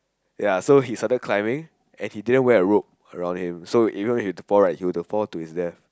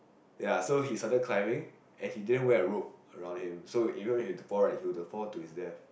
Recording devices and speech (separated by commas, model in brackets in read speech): close-talking microphone, boundary microphone, conversation in the same room